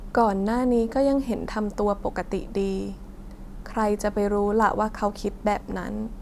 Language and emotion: Thai, sad